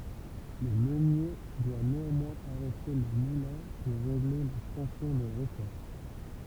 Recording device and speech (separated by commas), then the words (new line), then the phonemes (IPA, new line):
temple vibration pickup, read sentence
Le meunier doit néanmoins arrêter le moulin pour régler la tension des ressorts.
lə mønje dwa neɑ̃mwɛ̃z aʁɛte lə mulɛ̃ puʁ ʁeɡle la tɑ̃sjɔ̃ de ʁəsɔʁ